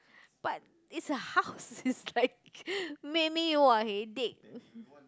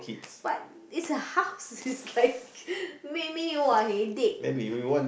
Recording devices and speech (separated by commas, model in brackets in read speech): close-talking microphone, boundary microphone, conversation in the same room